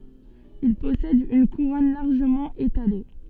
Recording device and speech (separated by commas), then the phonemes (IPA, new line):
soft in-ear microphone, read sentence
il pɔsɛd yn kuʁɔn laʁʒəmɑ̃ etale